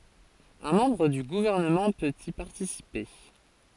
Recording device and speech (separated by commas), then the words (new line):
forehead accelerometer, read sentence
Un membre du Gouvernement peut y participer.